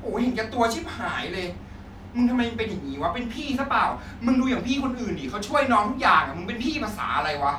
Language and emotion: Thai, angry